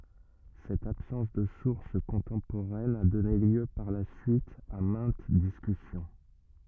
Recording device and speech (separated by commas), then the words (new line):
rigid in-ear microphone, read sentence
Cette absence de source contemporaine a donné lieu par la suite à maintes discussions.